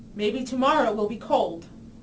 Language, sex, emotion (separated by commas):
English, female, neutral